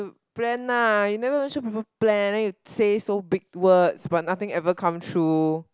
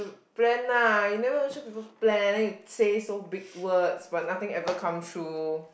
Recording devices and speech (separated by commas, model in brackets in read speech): close-talking microphone, boundary microphone, conversation in the same room